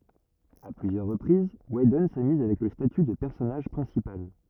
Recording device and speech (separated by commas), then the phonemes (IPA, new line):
rigid in-ear microphone, read sentence
a plyzjœʁ ʁəpʁiz widɔn samyz avɛk lə staty də pɛʁsɔnaʒ pʁɛ̃sipal